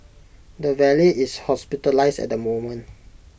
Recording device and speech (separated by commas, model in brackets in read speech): boundary microphone (BM630), read sentence